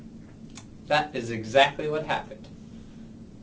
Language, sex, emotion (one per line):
English
male
neutral